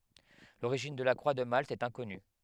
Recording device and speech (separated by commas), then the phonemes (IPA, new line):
headset microphone, read sentence
loʁiʒin də la kʁwa də malt ɛt ɛ̃kɔny